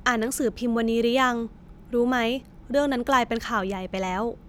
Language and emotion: Thai, neutral